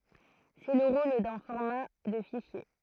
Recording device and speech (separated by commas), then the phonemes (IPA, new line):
throat microphone, read sentence
sɛ lə ʁol dœ̃ fɔʁma də fiʃje